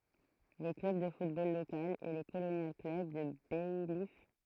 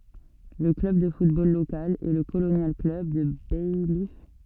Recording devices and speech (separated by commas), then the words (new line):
throat microphone, soft in-ear microphone, read sentence
Le club de football local est le Colonial Club de Baillif.